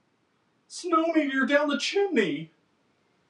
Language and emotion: English, fearful